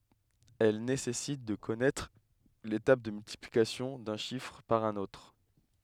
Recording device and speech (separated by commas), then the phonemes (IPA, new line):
headset microphone, read sentence
ɛl nesɛsit də kɔnɛtʁ le tabl də myltiplikasjɔ̃ dœ̃ ʃifʁ paʁ œ̃n otʁ